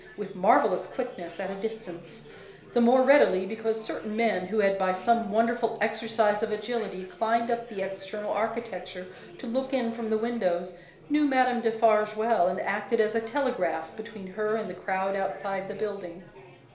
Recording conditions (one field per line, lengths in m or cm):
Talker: one person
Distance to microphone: 1.0 m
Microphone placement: close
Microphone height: 1.1 m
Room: small (3.7 m by 2.7 m)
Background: babble